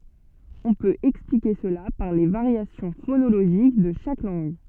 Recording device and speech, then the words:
soft in-ear microphone, read sentence
On peut expliquer cela par les variations phonologiques de chaque langue.

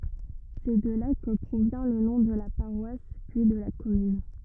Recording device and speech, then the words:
rigid in-ear microphone, read sentence
C'est de là que provient le nom de la paroisse, puis de la commune.

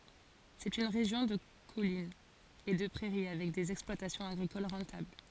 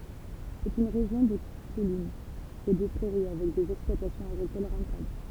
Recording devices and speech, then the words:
forehead accelerometer, temple vibration pickup, read sentence
C'est une région de collines et de prairies avec des exploitations agricoles rentables.

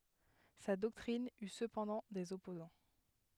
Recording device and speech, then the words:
headset microphone, read sentence
Sa doctrine eut cependant des opposants.

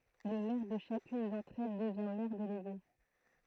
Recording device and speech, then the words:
throat microphone, read sentence
Le maire de chacune d'entre elles devient maire délégué.

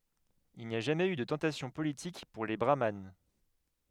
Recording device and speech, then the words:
headset microphone, read sentence
Il n'y a jamais eu de tentation politique pour les brahmanes.

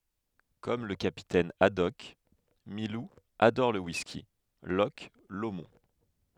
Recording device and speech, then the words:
headset microphone, read sentence
Comme le capitaine Haddock, Milou adore le whisky Loch Lomond.

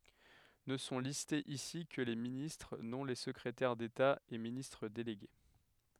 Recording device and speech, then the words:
headset microphone, read sentence
Ne sont listés ici que les ministres, non les secrétaires d'État et ministres délégués.

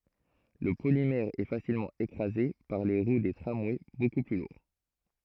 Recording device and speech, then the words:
throat microphone, read sentence
Le polymère est facilement écrasé par les roues des tramways beaucoup plus lourds.

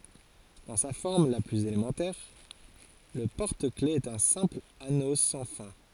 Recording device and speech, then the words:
forehead accelerometer, read sentence
Dans sa forme la plus élémentaire, le porte-clefs est un simple anneau sans fin.

